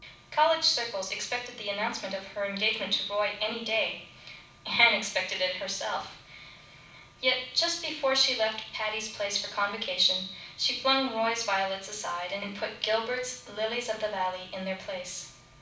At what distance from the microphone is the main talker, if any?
5.8 m.